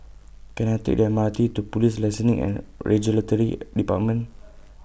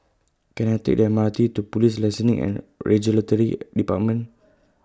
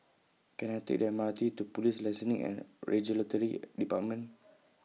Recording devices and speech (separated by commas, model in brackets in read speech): boundary microphone (BM630), close-talking microphone (WH20), mobile phone (iPhone 6), read sentence